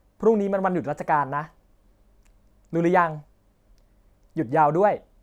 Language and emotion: Thai, neutral